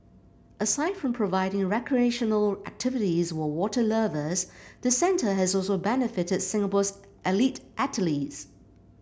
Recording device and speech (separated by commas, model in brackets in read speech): boundary microphone (BM630), read sentence